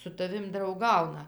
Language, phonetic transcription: Lithuanian, su taˈvim drauˈgauna

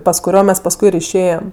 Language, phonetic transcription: Lithuanian, pas kuˈrio ˈmes pasˈkui ir išˈėjem

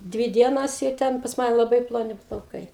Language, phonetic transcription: Lithuanian, ˈdvy ˈdienos i ˈten pas ˈmane laˈbai ploˈni plauˈkai

